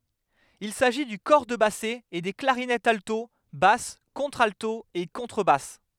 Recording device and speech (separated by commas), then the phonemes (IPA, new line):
headset microphone, read sentence
il saʒi dy kɔʁ də basɛ e de klaʁinɛtz alto bas kɔ̃tʁalto e kɔ̃tʁəbas